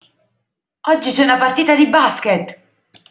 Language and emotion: Italian, surprised